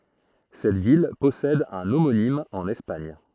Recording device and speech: throat microphone, read sentence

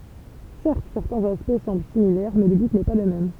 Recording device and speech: temple vibration pickup, read sentence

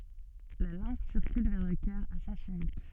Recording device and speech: soft in-ear microphone, read sentence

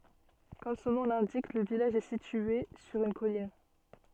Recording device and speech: soft in-ear microphone, read sentence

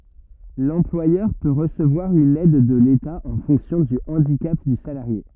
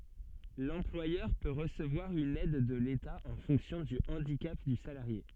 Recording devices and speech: rigid in-ear microphone, soft in-ear microphone, read sentence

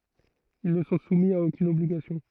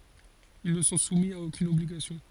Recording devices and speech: throat microphone, forehead accelerometer, read sentence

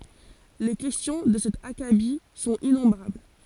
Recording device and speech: forehead accelerometer, read sentence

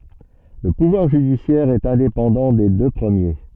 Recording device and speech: soft in-ear microphone, read sentence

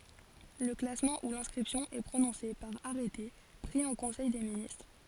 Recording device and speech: forehead accelerometer, read sentence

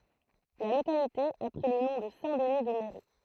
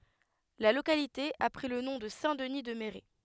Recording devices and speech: throat microphone, headset microphone, read sentence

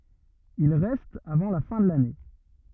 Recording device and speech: rigid in-ear microphone, read sentence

